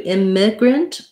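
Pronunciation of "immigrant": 'Immigrant' is stressed on the first syllable, and its unstressed vowel is said with an I sound, not a schwa.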